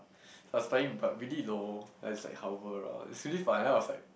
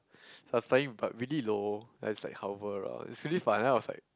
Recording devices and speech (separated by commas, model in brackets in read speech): boundary microphone, close-talking microphone, conversation in the same room